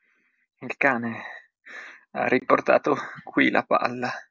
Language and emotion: Italian, sad